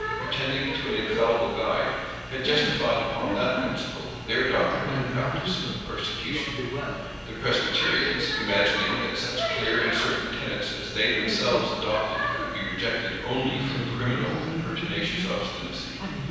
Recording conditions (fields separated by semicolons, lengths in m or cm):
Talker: one person; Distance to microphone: 7.1 m; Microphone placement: far; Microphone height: 1.7 m; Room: very reverberant, large; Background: television